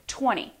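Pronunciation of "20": In 'twenty', the middle t is not said at all: there is no t or d sound, as if the sound isn't even there.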